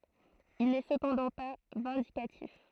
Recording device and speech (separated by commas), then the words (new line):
throat microphone, read sentence
Il n’est cependant pas vindicatif.